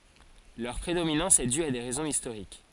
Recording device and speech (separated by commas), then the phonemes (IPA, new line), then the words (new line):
forehead accelerometer, read sentence
lœʁ pʁedominɑ̃s ɛ dy a de ʁɛzɔ̃z istoʁik
Leur prédominance est due à des raisons historiques.